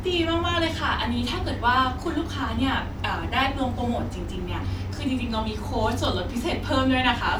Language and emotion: Thai, happy